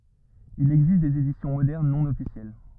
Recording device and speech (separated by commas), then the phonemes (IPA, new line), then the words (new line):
rigid in-ear microphone, read sentence
il ɛɡzist dez edisjɔ̃ modɛʁn nɔ̃ ɔfisjɛl
Il existe des éditions modernes non officielles.